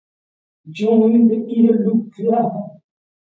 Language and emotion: English, fearful